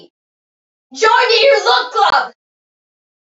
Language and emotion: English, angry